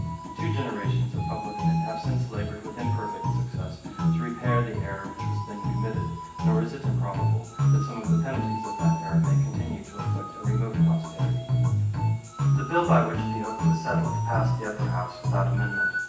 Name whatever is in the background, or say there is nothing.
Music.